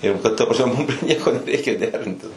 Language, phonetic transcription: Lithuanian, ir ˈbet ta prasˈme mum prie ˈnieko nereiˈkėjo ˈderintis

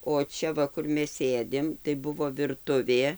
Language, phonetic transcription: Lithuanian, o ˈčia ˈva ˈkur ˈmes ˈsėdim tai ˈbuvo virˈtuvė

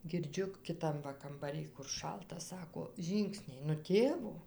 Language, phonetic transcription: Lithuanian, girˈdžiu kiˈtam va kambaˈrij kur ˈšalta ˈsako ˈžyngsniai nu ˈtėvo

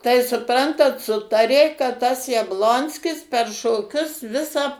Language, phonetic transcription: Lithuanian, tai suˈprantat ˈsutarė kad tas jabˈlonskis per šoˈkius ˈvisą

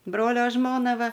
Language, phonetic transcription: Lithuanian, ˈbrolio ˈžmona ˈva

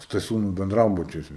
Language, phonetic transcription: Lithuanian, staˈsiūnų benˈdrabučiuose

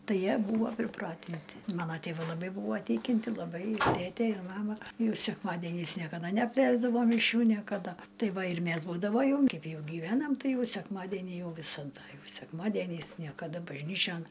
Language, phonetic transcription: Lithuanian, ˈtai ˈjie ˈbūvo priˈpratinti ˈmano tėˈvai laˈbai ˈbūvo ˈtikinti laˈbai ˈtėtė ir ˈmama ˈjau sekˈmadėniais niekaˈda neapˈleisdavo miˈšių niekaˈda ˈtai ˈva ir ˈmæs būdavo ˈjau in ˈkaip ˈjau giˈvenam ˈtai ˈjau sekˈmadeni ˈjau visaˈda ˈjau sekˈmadieniais niekaˈda bažˈnyčion

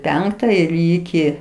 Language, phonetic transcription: Lithuanian, ˈpenkta ir ˈyki

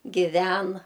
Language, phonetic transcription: Lithuanian, giˈven

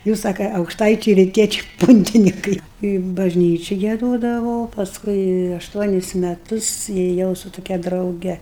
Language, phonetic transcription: Lithuanian, ˈjūs ˈsaka aukšˈtaičiai riˈtiečiai ˈpuntinikai i bažˈnyči gieˈdodavo pasˈkui ašˈtuonis meˈtus ėˈjau su tuˈkia drauˈge

